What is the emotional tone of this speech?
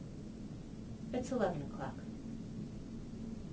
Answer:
neutral